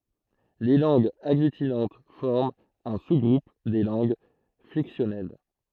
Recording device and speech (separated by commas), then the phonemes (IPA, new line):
throat microphone, read sentence
le lɑ̃ɡz aɡlytinɑ̃t fɔʁmt œ̃ su ɡʁup de lɑ̃ɡ flɛksjɔnɛl